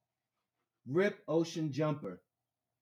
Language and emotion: English, neutral